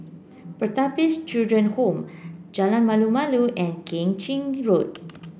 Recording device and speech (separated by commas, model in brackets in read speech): boundary microphone (BM630), read sentence